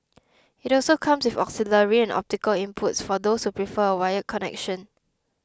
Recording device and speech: close-talking microphone (WH20), read sentence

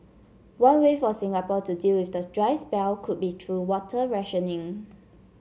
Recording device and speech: mobile phone (Samsung C7), read sentence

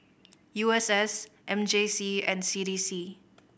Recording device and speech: boundary microphone (BM630), read sentence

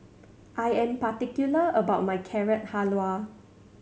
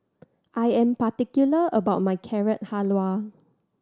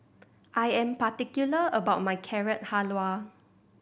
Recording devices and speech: mobile phone (Samsung C7100), standing microphone (AKG C214), boundary microphone (BM630), read sentence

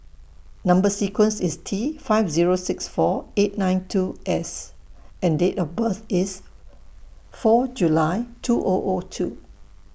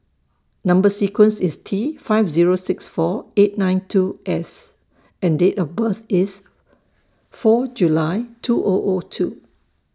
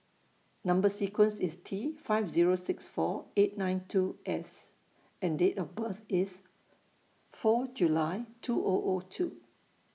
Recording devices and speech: boundary microphone (BM630), standing microphone (AKG C214), mobile phone (iPhone 6), read sentence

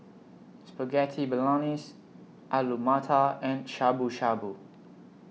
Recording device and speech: mobile phone (iPhone 6), read sentence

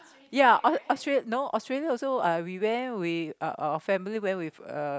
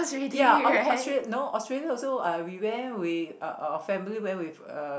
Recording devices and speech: close-talking microphone, boundary microphone, conversation in the same room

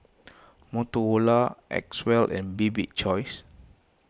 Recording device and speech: close-talking microphone (WH20), read sentence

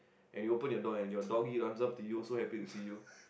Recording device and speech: boundary microphone, conversation in the same room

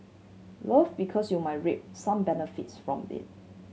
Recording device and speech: mobile phone (Samsung C7100), read sentence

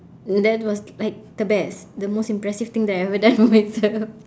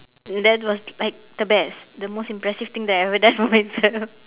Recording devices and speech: standing microphone, telephone, conversation in separate rooms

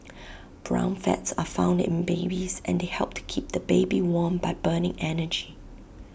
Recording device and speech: boundary microphone (BM630), read sentence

